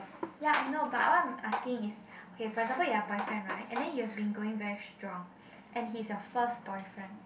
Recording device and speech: boundary microphone, conversation in the same room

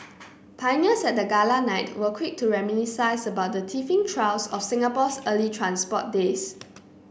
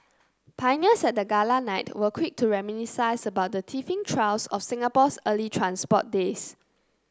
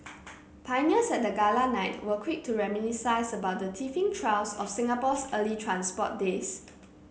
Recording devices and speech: boundary microphone (BM630), close-talking microphone (WH30), mobile phone (Samsung C9), read sentence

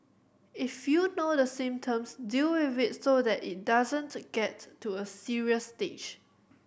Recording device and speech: boundary microphone (BM630), read sentence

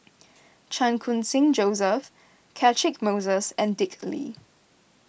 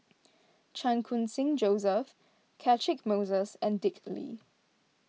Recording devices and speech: boundary microphone (BM630), mobile phone (iPhone 6), read sentence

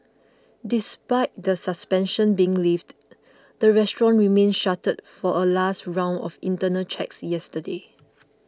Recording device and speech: close-talking microphone (WH20), read sentence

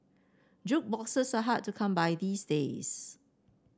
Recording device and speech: standing microphone (AKG C214), read sentence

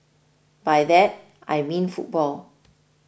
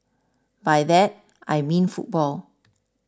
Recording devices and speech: boundary microphone (BM630), standing microphone (AKG C214), read sentence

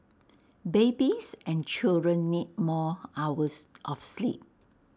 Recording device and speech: standing microphone (AKG C214), read sentence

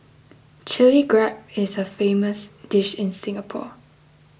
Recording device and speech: boundary microphone (BM630), read sentence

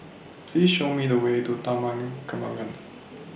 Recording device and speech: boundary microphone (BM630), read sentence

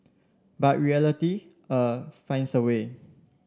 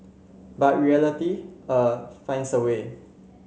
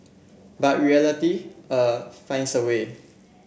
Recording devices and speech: standing microphone (AKG C214), mobile phone (Samsung C7), boundary microphone (BM630), read sentence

